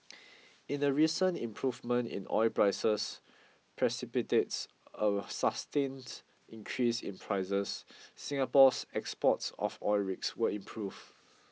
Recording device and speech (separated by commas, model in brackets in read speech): mobile phone (iPhone 6), read sentence